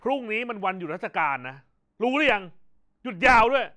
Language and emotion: Thai, angry